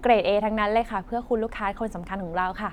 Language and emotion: Thai, happy